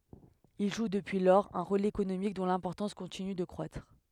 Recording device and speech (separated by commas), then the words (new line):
headset microphone, read sentence
Il joue depuis lors un rôle économique dont l'importance continue de croître.